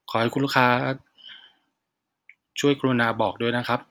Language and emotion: Thai, neutral